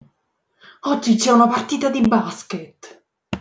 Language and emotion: Italian, angry